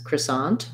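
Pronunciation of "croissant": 'Croissant' is said the standard American English way: the first syllable has a schwa, the second has an ah vowel, and the stress is on the second syllable.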